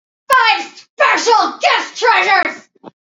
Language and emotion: English, angry